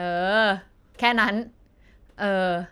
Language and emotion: Thai, happy